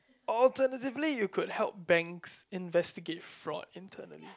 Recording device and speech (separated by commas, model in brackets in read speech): close-talking microphone, conversation in the same room